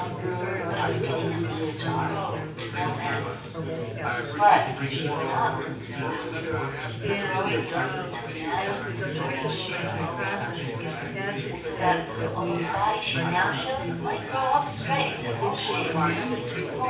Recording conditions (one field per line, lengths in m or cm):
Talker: one person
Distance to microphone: 9.8 m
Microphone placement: far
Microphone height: 1.8 m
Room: large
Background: babble